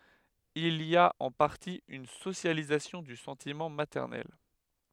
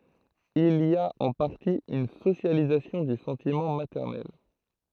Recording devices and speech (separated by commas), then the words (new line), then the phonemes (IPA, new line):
headset microphone, throat microphone, read sentence
Il y a en partie une socialisation du sentiment maternel.
il i a ɑ̃ paʁti yn sosjalizasjɔ̃ dy sɑ̃timɑ̃ matɛʁnɛl